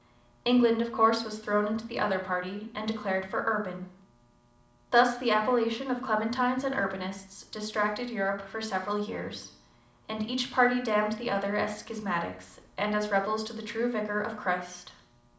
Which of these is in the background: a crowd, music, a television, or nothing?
Nothing.